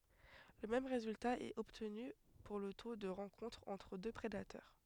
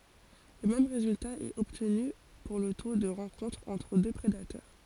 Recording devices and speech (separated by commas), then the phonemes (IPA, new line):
headset microphone, forehead accelerometer, read sentence
lə mɛm ʁezylta ɛt ɔbtny puʁ lə to də ʁɑ̃kɔ̃tʁ ɑ̃tʁ dø pʁedatœʁ